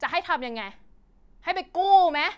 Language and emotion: Thai, angry